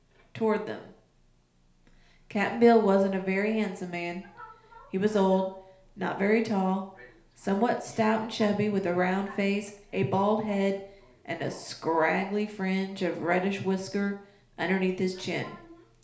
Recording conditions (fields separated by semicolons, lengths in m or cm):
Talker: one person; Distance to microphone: 1.0 m; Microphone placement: close; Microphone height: 1.1 m; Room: small (3.7 m by 2.7 m); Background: television